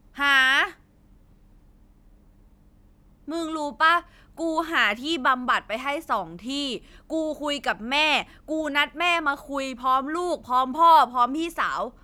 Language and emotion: Thai, angry